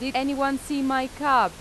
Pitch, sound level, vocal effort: 265 Hz, 92 dB SPL, loud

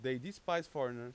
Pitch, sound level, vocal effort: 130 Hz, 94 dB SPL, very loud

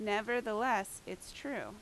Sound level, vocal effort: 86 dB SPL, loud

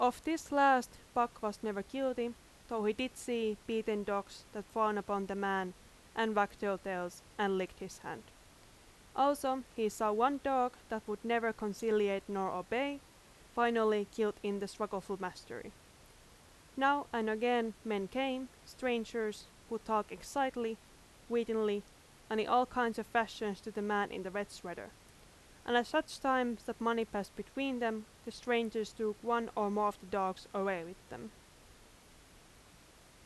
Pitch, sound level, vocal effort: 220 Hz, 87 dB SPL, very loud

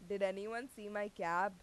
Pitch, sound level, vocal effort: 205 Hz, 92 dB SPL, loud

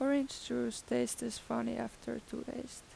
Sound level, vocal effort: 83 dB SPL, soft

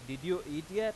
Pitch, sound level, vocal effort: 175 Hz, 97 dB SPL, very loud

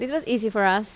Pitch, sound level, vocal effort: 220 Hz, 85 dB SPL, normal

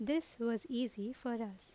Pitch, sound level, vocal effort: 235 Hz, 81 dB SPL, normal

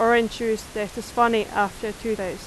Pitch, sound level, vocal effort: 220 Hz, 89 dB SPL, very loud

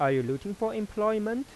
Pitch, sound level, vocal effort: 215 Hz, 92 dB SPL, soft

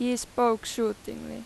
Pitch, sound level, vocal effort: 220 Hz, 89 dB SPL, very loud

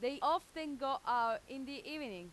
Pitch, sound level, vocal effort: 270 Hz, 95 dB SPL, very loud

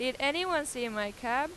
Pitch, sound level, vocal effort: 255 Hz, 95 dB SPL, very loud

